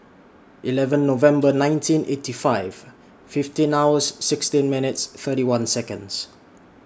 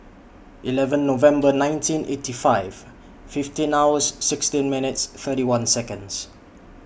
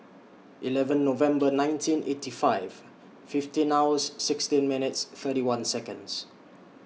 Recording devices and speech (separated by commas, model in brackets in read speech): standing microphone (AKG C214), boundary microphone (BM630), mobile phone (iPhone 6), read sentence